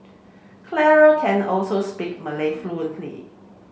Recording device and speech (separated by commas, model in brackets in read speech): mobile phone (Samsung C7), read sentence